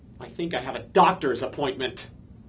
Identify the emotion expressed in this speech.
angry